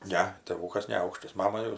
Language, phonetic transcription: Lithuanian, ˈne tėˈvūkas neˈaukštas ˈmama jau

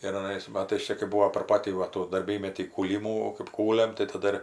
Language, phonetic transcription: Lithuanian, ir aˈnais ˈmatais ˈčia kai ˈbūo per ˈpatį va ˈtų darˈbymetį kūˈlymų kɜp ˈkūliam tai taˈda ir

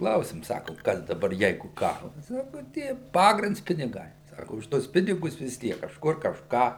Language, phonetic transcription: Lithuanian, ˈklausim ˈsakum ˈkas daˈbar ˈjeigu ˈkaras ˈsaku ˈtie ˈpagrinds piniˈgai ˈsaku už ˈtuos ˈpinigus vis ˈtiek kažˈkur kažˈką

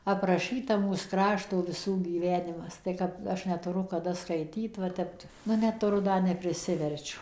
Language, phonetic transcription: Lithuanian, apraˈšɨta mūs ˈkrašto viˈsų gyˈvenimas ˌtai kap ˈaš netuˈru kaˈda skaiˈtyt va ˈtep nu ˌnetuˈru ˈda nepriˈsiverčiu

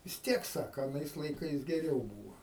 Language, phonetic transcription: Lithuanian, vis ˈtiek ˈsaka aˈnais laiˈkais geˈriau ˈbūva

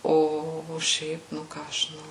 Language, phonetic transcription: Lithuanian, ˈo o ˈšiaip nu ˈką aš žiˈnau

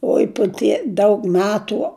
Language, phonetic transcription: Lithuanian, ˈoi pu ˈtie ˈdaug ˈmetu

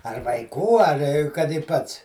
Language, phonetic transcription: Lithuanian, ar vaiˈkų ar kad i ˈpats

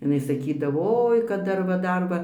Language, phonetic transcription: Lithuanian, iˈnai saˈkydavo ˈoi kad ˈdar va ˈdar va

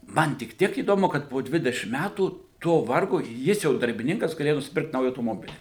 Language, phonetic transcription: Lithuanian, ˈman tik ˈtiek įdoˈmu kad po ˈdvidešim ˈmætų to ˈvargo ˈjis jau darbiˈninkas gaˈlėja nusiˈpirkt ˈnaują autoˈmobili

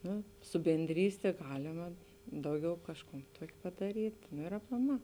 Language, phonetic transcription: Lithuanian, ˈnu su benˈdrystė ˈgalima ˈdauˌgiau ˈkažˌkūn ˈtuok' padaˈryt' no ir aplaˈmā

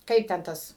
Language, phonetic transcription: Lithuanian, ˈkaip ten ˈtas

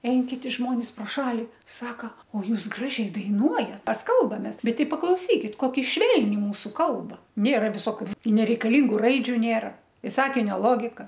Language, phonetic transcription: Lithuanian, ˈein kiˈti ˈžmonis pro ˈšali ˈsaka o ˈjūs ˈgražiai daiˈnuojat ˈmes ˈkalbamės ˈbet ˈti paklauˈsykit ˈkoki ˈšvelni ˈmūsu ˈkalba ˈnėra viˈsokiu nereikaˈlyngu ˈraidžiu ˈnėra i ˈsakinio ˈlogika

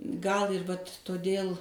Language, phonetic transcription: Lithuanian, gal ir vat' toˈdėl

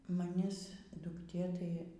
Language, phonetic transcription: Lithuanian, maˈnis dukˈtė tai

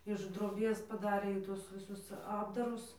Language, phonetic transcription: Lithuanian, iš droˈbės paˈdarė iˈtus viˈsus ˈapdarus

